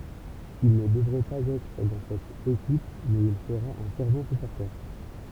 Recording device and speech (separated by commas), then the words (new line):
temple vibration pickup, read sentence
Il ne devrait pas être dans cette équipe mais il sera un fervent supporter.